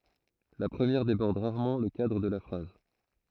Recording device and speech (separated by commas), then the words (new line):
throat microphone, read sentence
La première déborde rarement le cadre de la phrase.